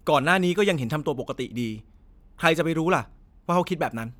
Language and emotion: Thai, neutral